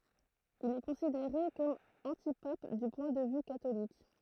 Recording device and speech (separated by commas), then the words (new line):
throat microphone, read sentence
Il est considéré comme antipape du point de vue catholique.